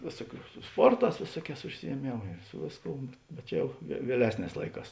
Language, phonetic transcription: Lithuanian, ˈvėsuoˌkių su ˈsporˌtās ˈvėsuoˌkēs užsijieˈmėmu i ˈsu vėsˌkou bet ˈjau vie vieˈlesˌnēs ˈlaiˌkās

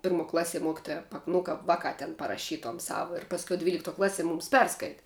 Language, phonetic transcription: Lithuanian, ˈpirˌmuo ˈklaˌsie ˈmokitoja pak nu ˈkap ˈvaˌkā ten paraˈšytuom ˈsau ir pasˈkiau dvylikˈtuo ˈklaˌsie ˈmūms ˈperskaiti

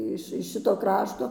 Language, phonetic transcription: Lithuanian, ˈiš iš ˈšito ˈkrašto

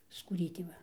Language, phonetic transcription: Lithuanian, skūˈrytė ˈva

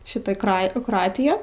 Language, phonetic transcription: Lithuanian, ˈšita ˈkra i kroˈatiją

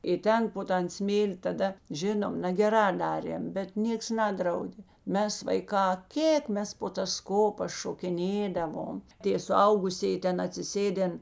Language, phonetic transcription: Lithuanian, i ˈten po ˈtan ˈsmėli taˈda ˈžinom nageˈrā ˈdarėm bet ˈnieks ˈnadraudė ˈmes vaiˈkā ˈkėk ˈmes po tas ˈkopas šokiˈnėdavom ˈtė suˈaugusėji ˈten atsiˈsėden

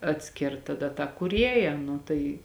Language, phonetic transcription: Lithuanian, atˈskirt taˈda tą kūˈrieja ˈnu tai

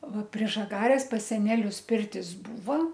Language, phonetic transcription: Lithuanian, ˈva prie žaˈgarės pas seˈnelius ˈpirtis ˈbūva

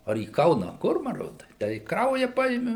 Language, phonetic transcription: Lithuanian, ar į ˈkauna a ˈkur maˈrod ˈtę i ˈkrauja ˈpaimi

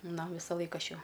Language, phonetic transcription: Lithuanian, ˈna ˈvisalaik ˈaš ˈjau

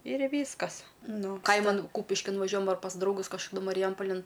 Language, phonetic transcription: Lithuanian, ir ˈvyskas ˈnu ˈkaiman ˈkūpiškin vaˈžiuojam ar pas drauˈgus kažkaˈdu mariˈjampalin

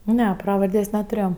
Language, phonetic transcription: Lithuanian, ˈne ˈpravardės' netuˈrėjo

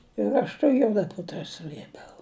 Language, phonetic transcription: Lithuanian, ir ˈaš ta ˈjuoda ˈputra ˈsrɘbiau

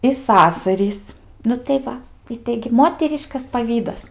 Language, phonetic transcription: Lithuanian, i ˈsasarys nu tai ˈva i ˈtaigi ˈmoteriškas paˈvydas

